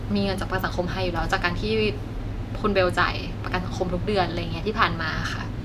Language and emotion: Thai, neutral